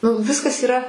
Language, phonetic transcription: Lithuanian, nu ˈviskas yˈra

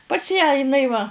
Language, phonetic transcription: Lithuanian, pas ją iˈnai va

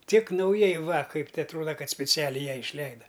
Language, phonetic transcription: Lithuanian, tik nauˈjai va ˈkaip te atˈruoda ˈkad spiˈcialiai ˈjai išˈleida

